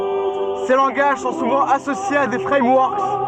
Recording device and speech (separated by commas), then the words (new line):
soft in-ear microphone, read sentence
Ces langages sont souvent associés à des frameworks.